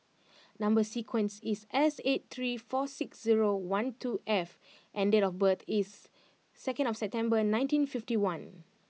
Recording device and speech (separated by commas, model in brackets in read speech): mobile phone (iPhone 6), read sentence